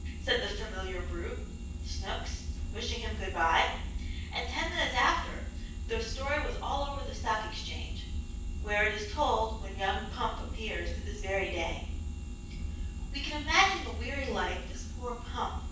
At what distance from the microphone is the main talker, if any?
9.8 m.